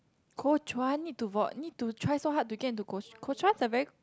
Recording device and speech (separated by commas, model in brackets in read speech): close-talking microphone, conversation in the same room